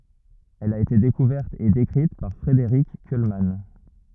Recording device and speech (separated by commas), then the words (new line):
rigid in-ear microphone, read sentence
Elle a été découverte et décrite par Frédéric Kuhlmann.